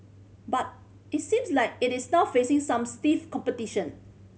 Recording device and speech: mobile phone (Samsung C5010), read sentence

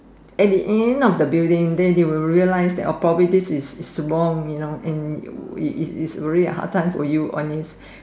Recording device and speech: standing microphone, conversation in separate rooms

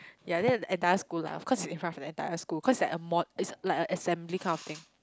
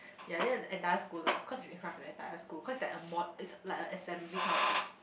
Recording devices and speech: close-talking microphone, boundary microphone, conversation in the same room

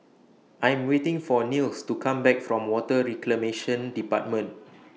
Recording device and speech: mobile phone (iPhone 6), read sentence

